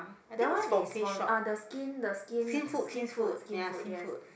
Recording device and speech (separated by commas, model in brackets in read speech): boundary microphone, conversation in the same room